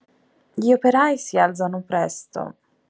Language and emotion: Italian, sad